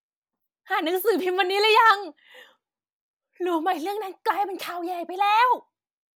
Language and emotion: Thai, happy